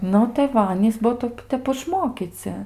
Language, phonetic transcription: Lithuanian, ˈnu tai ˈva ˈanys ˈbuo ˈtaip ˈtep išˈmokyci

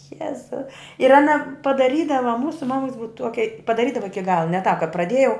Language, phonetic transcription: Lithuanian, ˈjezu ir aˈna padaˈrydava ˈmūsu ˈmamuks ˈbuva ˈtuokia padaˈrydava ˈiki ˈgala ne tāp ka praˈdiejau

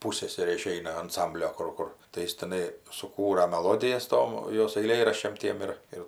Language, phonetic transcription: Lithuanian, ˈpūsseserė iˈšeina anˈsamblio ˈkur ˈkur tai ˈjis tiˈnai suˈkūra meˈlodijas ˈtom ˈjos aiˈlėraščiam ˈtiem ir ˈir

